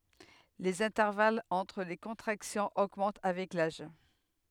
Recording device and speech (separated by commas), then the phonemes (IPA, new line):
headset microphone, read sentence
lez ɛ̃tɛʁvalz ɑ̃tʁ le kɔ̃tʁaksjɔ̃z oɡmɑ̃t avɛk laʒ